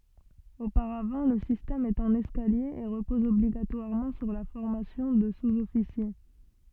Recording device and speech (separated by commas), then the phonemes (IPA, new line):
soft in-ear microphone, read sentence
opaʁavɑ̃ lə sistɛm ɛt ɑ̃n ɛskalje e ʁəpɔz ɔbliɡatwaʁmɑ̃ syʁ la fɔʁmasjɔ̃ də suzɔfisje